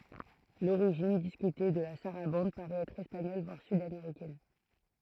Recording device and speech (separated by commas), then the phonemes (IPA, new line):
throat microphone, read sentence
loʁiʒin diskyte də la saʁabɑ̃d paʁɛt ɛtʁ ɛspaɲɔl vwaʁ sydameʁikɛn